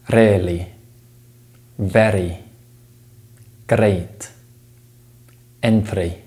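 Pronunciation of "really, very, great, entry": In 'really, very, great, entry', the r sound is said as a voiced tap.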